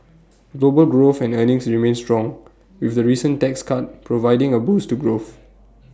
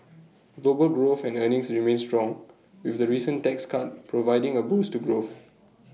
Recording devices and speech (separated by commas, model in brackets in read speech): standing microphone (AKG C214), mobile phone (iPhone 6), read sentence